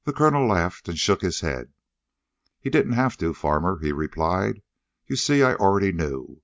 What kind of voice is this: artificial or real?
real